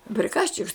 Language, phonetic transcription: Lithuanian, priˈkaščiks

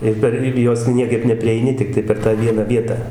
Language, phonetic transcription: Lithuanian, ir ˈper ˈir jos ˈniekaip neprieiˈni tikˈtai per tą ˈviena ˈvietą

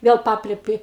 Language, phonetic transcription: Lithuanian, ˈvėl ˈpaplepi

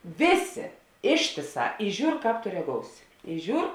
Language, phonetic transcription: Lithuanian, ˈvėˌsė ˈištėˌsā i ˈžiūr ˈkāp to reˈgousi i ˈžiūr

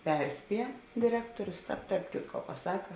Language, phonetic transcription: Lithuanian, ˈperˌspie diˈrektorius ˈtāp tarp ˈkitko paˈsaka

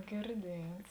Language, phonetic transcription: Lithuanian, girˈdiets

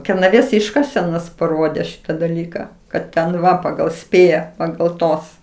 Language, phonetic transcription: Lithuanian, kernaˈvės ˈiškasenos paˈrodė ˈšita daˈlyka kad ten ˈva pagal ˈspėja pagal ˈtos

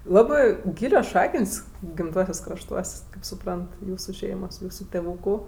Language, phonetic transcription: Lithuanian, ˈlabɜ ˈgylios ˈšakən's' gimˈtuosiuos' krašˈtuos' kaip suˈprant ˈjūsu ˈšeimos ˈjūsu teˈvūku

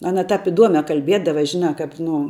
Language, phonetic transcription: Lithuanian, ˈana ˈtap iˈduome kalˈbiedava ˈžinā ˈkap ˈnu

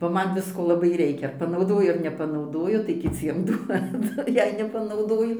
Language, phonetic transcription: Lithuanian, ba ˈman ˈvisko laˈbai ˈreikia panauˈdoju ar nepanauˈdoju tai kiˈciem ˈduodu ˈjei nepanauˈdoju

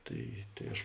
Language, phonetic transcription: Lithuanian, ˈtai tai ˈaš

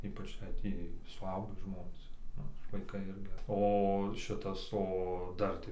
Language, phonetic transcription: Lithuanian, ˈypač jei ˈtį suˈaugį ˈžmonės ˈnu ir vaiˈkai ˈirgi o ˈšitas o ˈdar tai

